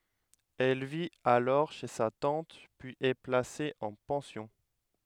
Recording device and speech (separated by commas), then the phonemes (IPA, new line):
headset microphone, read sentence
ɛl vit alɔʁ ʃe sa tɑ̃t pyiz ɛ plase ɑ̃ pɑ̃sjɔ̃